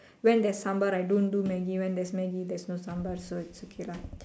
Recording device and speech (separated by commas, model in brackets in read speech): standing microphone, conversation in separate rooms